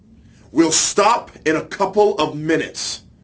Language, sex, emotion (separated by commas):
English, male, angry